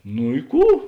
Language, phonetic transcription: Lithuanian, nu i ˈkų

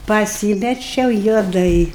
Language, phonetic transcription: Lithuanian, paˈsymečiau juoˈdai

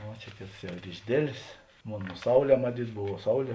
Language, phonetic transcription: Lithuanian, ˈva čia ˈkėts ˈjau ir išˈdėlės ˈmon ˈsauˌlē maˈtyt ˈbuvo ˈsauˌlie

